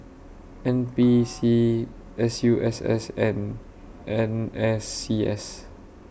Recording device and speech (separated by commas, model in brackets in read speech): boundary microphone (BM630), read sentence